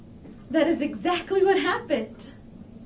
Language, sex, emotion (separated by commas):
English, female, happy